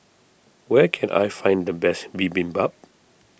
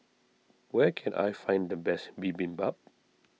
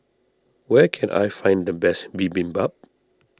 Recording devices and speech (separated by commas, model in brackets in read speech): boundary microphone (BM630), mobile phone (iPhone 6), standing microphone (AKG C214), read sentence